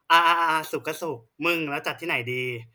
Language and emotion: Thai, neutral